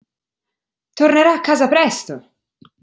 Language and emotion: Italian, angry